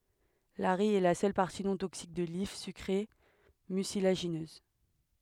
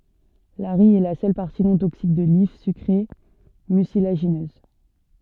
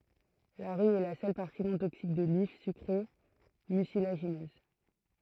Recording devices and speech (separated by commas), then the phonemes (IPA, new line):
headset microphone, soft in-ear microphone, throat microphone, read sentence
laʁij ɛ la sœl paʁti nɔ̃ toksik də lif sykʁe mysilaʒinøz